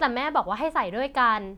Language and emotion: Thai, frustrated